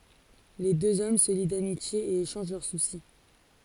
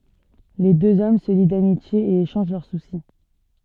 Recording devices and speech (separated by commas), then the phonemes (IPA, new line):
forehead accelerometer, soft in-ear microphone, read sentence
le døz ɔm sə li damitje e eʃɑ̃ʒ lœʁ susi